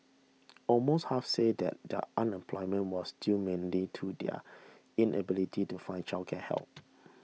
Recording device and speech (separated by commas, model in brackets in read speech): mobile phone (iPhone 6), read sentence